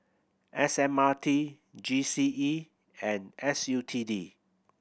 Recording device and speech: boundary microphone (BM630), read sentence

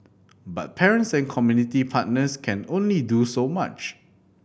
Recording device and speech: boundary microphone (BM630), read sentence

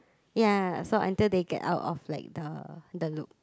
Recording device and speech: close-talking microphone, conversation in the same room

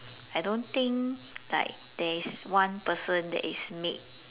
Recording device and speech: telephone, conversation in separate rooms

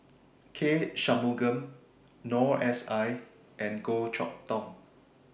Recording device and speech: boundary microphone (BM630), read sentence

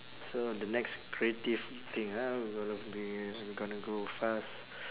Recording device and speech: telephone, conversation in separate rooms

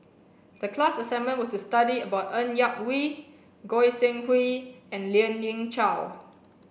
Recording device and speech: boundary microphone (BM630), read sentence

